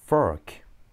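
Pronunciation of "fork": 'Fork' is said in English pronunciation, not the Japanese way of saying it.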